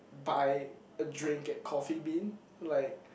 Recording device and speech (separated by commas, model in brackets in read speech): boundary microphone, conversation in the same room